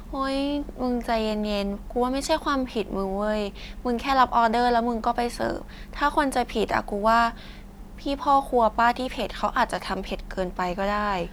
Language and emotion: Thai, neutral